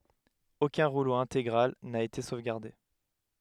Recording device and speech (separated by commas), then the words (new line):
headset microphone, read sentence
Aucun rouleau intégral n'a été sauvegardé.